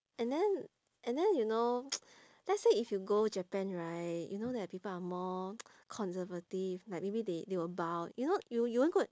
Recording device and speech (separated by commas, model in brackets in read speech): standing microphone, conversation in separate rooms